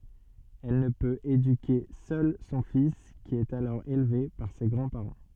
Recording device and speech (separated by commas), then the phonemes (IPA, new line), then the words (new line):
soft in-ear microphone, read sentence
ɛl nə pøt edyke sœl sɔ̃ fis ki ɛt alɔʁ elve paʁ se ɡʁɑ̃dspaʁɑ̃
Elle ne peut éduquer seule son fils qui est alors élevé par ses grands-parents.